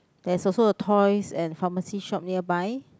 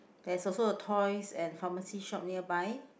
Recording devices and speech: close-talking microphone, boundary microphone, conversation in the same room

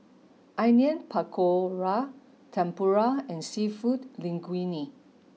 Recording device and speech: mobile phone (iPhone 6), read sentence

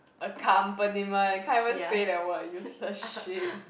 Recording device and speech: boundary microphone, conversation in the same room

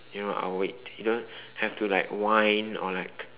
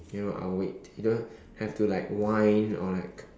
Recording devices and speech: telephone, standing microphone, conversation in separate rooms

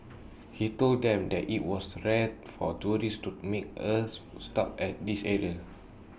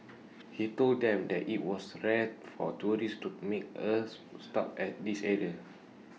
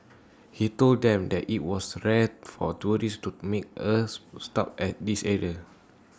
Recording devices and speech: boundary microphone (BM630), mobile phone (iPhone 6), standing microphone (AKG C214), read sentence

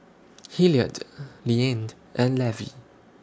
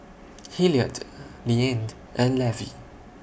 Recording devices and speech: standing microphone (AKG C214), boundary microphone (BM630), read sentence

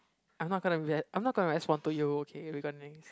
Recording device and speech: close-talking microphone, conversation in the same room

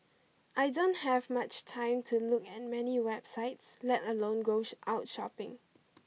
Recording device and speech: mobile phone (iPhone 6), read sentence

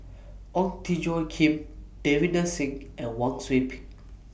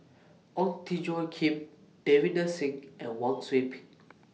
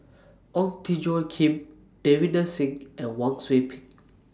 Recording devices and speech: boundary microphone (BM630), mobile phone (iPhone 6), standing microphone (AKG C214), read sentence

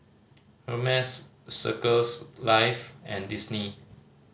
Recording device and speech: mobile phone (Samsung C5010), read sentence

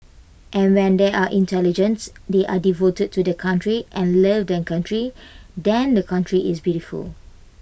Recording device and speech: boundary microphone (BM630), read sentence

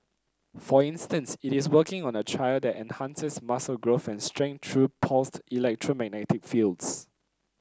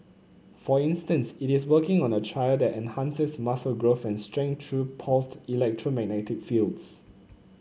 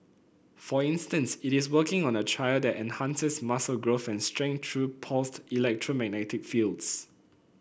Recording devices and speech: close-talking microphone (WH30), mobile phone (Samsung C9), boundary microphone (BM630), read sentence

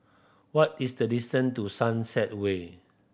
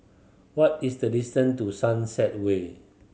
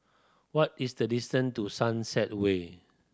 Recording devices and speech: boundary microphone (BM630), mobile phone (Samsung C7100), standing microphone (AKG C214), read sentence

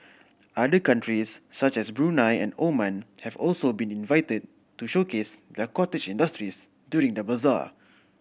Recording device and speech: boundary microphone (BM630), read sentence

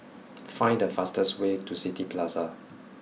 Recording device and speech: mobile phone (iPhone 6), read sentence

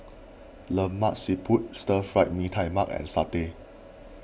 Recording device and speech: boundary microphone (BM630), read sentence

